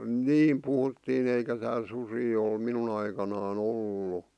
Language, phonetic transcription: Finnish, niim 'puhuttiin ‿eikä tääl susii ol 'minun ‿aikanaa'n ‿ollu .
- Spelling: niin puhuttiin eikä täällä susia ole minun aikanani ollut

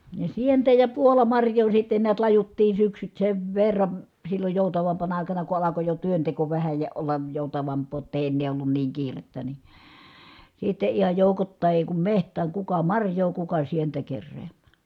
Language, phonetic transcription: Finnish, ja sientä ja puolamarj̀oo sitte niät lajuttiin̬ syksyt sev verra(v) , silloj jòutavampana àikana ku alako jo työnteko vähä ja ollaj jòutavamp̆poo ʲott ‿èi ennee ollun niiŋ kiirettä ni , sitte ihaj jòukottài èi kum meht̀ääŋ kuka marj̀oo kuka sientä kerreeMÄÄ .
- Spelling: ja sientä ja puolamarjaa sitten näet lajuttiin syksyt sen verran silloin joutavampana aikana kun alkoi jo työnteko vähän ja olla joutavampaa jotta ei ennen ollut niin kiirettä niin sitten ihan joukoittain ei kun metsään kuka marjaa kuka sientä keräämään

